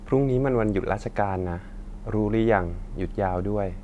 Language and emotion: Thai, frustrated